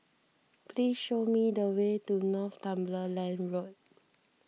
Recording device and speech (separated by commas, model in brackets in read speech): mobile phone (iPhone 6), read sentence